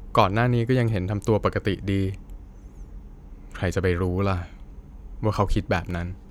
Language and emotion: Thai, frustrated